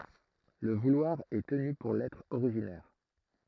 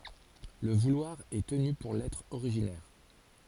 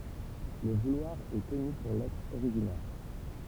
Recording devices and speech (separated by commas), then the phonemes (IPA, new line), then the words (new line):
throat microphone, forehead accelerometer, temple vibration pickup, read sentence
lə vulwaʁ ɛ təny puʁ lɛtʁ oʁiʒinɛʁ
Le vouloir est tenu pour l'être originaire.